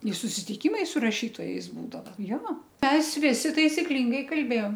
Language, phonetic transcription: Lithuanian, i susitiˈkymai su raˈšytojais ˈbūdava jo ˈmes ˈvisi taisiˈklingai kalˈbėjom

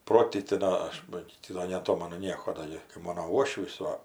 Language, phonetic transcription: Lithuanian, ˈprotyti ˈdo aš ˈba gi ˈti do neaˈtomanu ˈnieko ˈdo gi kai ˈmono ˈuošvys ˈva

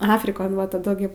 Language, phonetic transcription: Lithuanian, ˈafrikon va taˈdu ˈgi

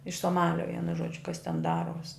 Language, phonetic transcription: Lithuanian, iš soˈmalio ˈvienu ˈžuodžiu kas ten ˈdaruos'

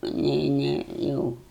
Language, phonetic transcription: Lithuanian, aˈnei ˈnei ˈjau

